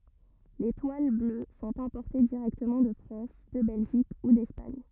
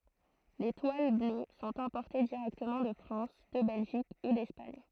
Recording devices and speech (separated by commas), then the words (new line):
rigid in-ear microphone, throat microphone, read sentence
Les toiles bleues sont importées directement de France, de Belgique ou d'Espagne.